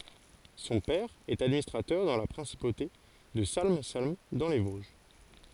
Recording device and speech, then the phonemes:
forehead accelerometer, read sentence
sɔ̃ pɛʁ ɛt administʁatœʁ dɑ̃ la pʁɛ̃sipote də salm salm dɑ̃ le voʒ

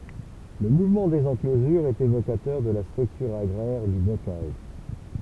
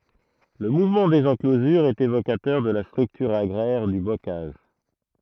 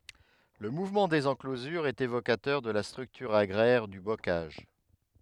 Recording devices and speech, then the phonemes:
temple vibration pickup, throat microphone, headset microphone, read sentence
lə muvmɑ̃ dez ɑ̃klozyʁz ɛt evokatœʁ də la stʁyktyʁ aɡʁɛʁ dy bokaʒ

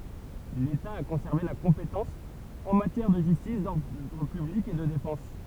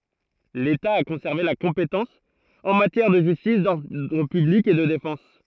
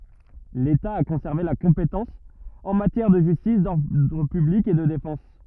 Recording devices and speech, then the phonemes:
temple vibration pickup, throat microphone, rigid in-ear microphone, read sentence
leta a kɔ̃sɛʁve la kɔ̃petɑ̃s ɑ̃ matjɛʁ də ʒystis dɔʁdʁ pyblik e də defɑ̃s

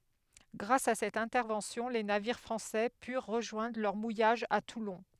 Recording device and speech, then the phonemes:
headset microphone, read sentence
ɡʁas a sɛt ɛ̃tɛʁvɑ̃sjɔ̃ le naviʁ fʁɑ̃sɛ pyʁ ʁəʒwɛ̃dʁ lœʁ mujaʒ a tulɔ̃

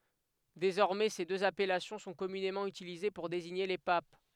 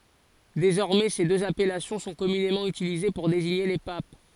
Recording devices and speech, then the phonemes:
headset microphone, forehead accelerometer, read sentence
dezɔʁmɛ se døz apɛlasjɔ̃ sɔ̃ kɔmynemɑ̃ ytilize puʁ deziɲe le pap

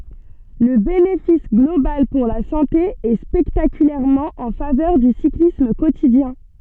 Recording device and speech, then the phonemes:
soft in-ear microphone, read sentence
lə benefis ɡlobal puʁ la sɑ̃te ɛ spɛktakylɛʁmɑ̃ ɑ̃ favœʁ dy siklism kotidjɛ̃

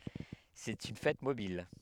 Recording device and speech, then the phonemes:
headset microphone, read sentence
sɛt yn fɛt mobil

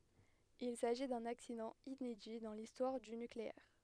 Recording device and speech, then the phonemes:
headset microphone, read sentence
il saʒi dœ̃n aksidɑ̃ inedi dɑ̃ listwaʁ dy nykleɛʁ

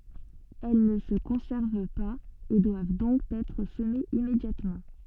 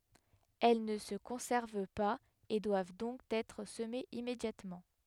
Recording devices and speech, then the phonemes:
soft in-ear microphone, headset microphone, read sentence
ɛl nə sə kɔ̃sɛʁv paz e dwav dɔ̃k ɛtʁ səmez immedjatmɑ̃

